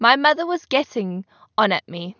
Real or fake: real